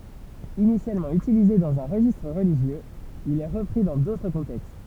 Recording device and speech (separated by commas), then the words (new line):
temple vibration pickup, read sentence
Initialement utilisé dans un registre religieux, il est repris dans d'autres contextes.